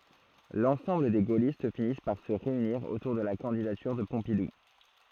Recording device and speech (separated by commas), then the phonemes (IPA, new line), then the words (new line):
throat microphone, read sentence
lɑ̃sɑ̃bl de ɡolist finis paʁ sə ʁeyniʁ otuʁ də la kɑ̃didatyʁ də pɔ̃pidu
L'ensemble des gaullistes finissent par se réunir autour de la candidature de Pompidou.